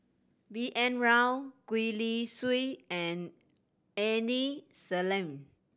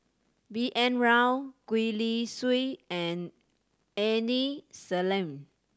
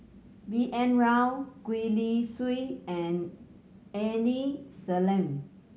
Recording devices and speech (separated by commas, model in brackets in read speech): boundary microphone (BM630), standing microphone (AKG C214), mobile phone (Samsung C7100), read sentence